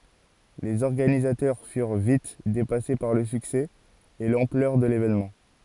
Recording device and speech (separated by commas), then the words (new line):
forehead accelerometer, read sentence
Les organisateurs furent vite dépassés par le succès et l'ampleur de l'événement.